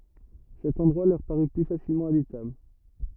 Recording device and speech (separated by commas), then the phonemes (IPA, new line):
rigid in-ear microphone, read sentence
sɛt ɑ̃dʁwa lœʁ paʁy ply fasilmɑ̃ abitabl